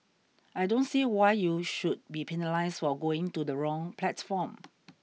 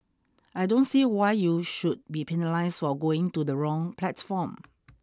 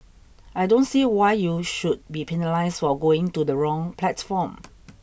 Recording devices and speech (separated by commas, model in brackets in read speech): mobile phone (iPhone 6), standing microphone (AKG C214), boundary microphone (BM630), read sentence